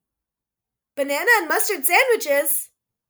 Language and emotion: English, surprised